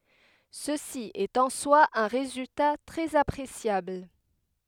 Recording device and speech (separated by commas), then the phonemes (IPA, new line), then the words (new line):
headset microphone, read sentence
səsi ɛt ɑ̃ swa œ̃ ʁezylta tʁɛz apʁesjabl
Ceci est en soi un résultat très appréciable.